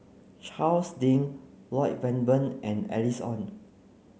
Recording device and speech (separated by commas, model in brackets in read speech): mobile phone (Samsung C9), read sentence